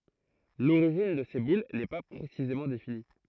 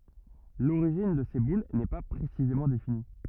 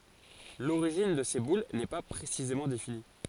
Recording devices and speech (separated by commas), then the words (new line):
throat microphone, rigid in-ear microphone, forehead accelerometer, read sentence
L'origine de ces boules n'est pas précisément définie.